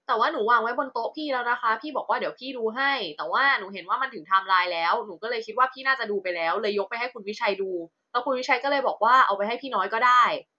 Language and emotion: Thai, frustrated